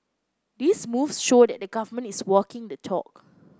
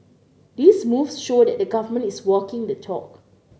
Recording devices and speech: close-talking microphone (WH30), mobile phone (Samsung C9), read sentence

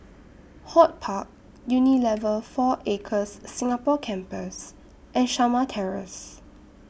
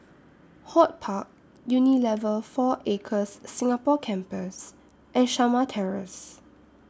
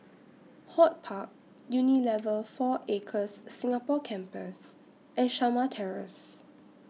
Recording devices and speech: boundary microphone (BM630), standing microphone (AKG C214), mobile phone (iPhone 6), read sentence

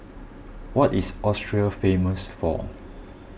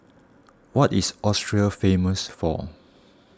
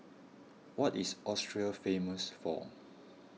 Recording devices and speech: boundary microphone (BM630), standing microphone (AKG C214), mobile phone (iPhone 6), read sentence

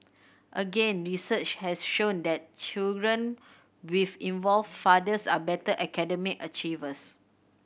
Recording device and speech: boundary microphone (BM630), read sentence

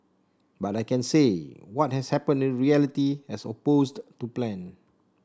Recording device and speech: standing microphone (AKG C214), read sentence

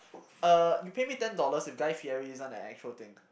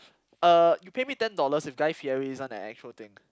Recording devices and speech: boundary microphone, close-talking microphone, conversation in the same room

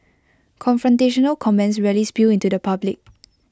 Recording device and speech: close-talking microphone (WH20), read sentence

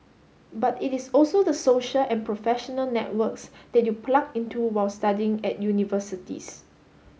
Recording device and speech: mobile phone (Samsung S8), read sentence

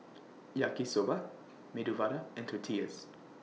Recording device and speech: mobile phone (iPhone 6), read sentence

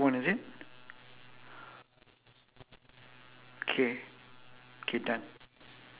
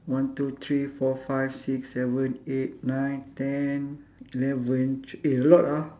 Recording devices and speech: telephone, standing microphone, conversation in separate rooms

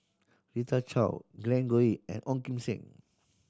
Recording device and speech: standing microphone (AKG C214), read sentence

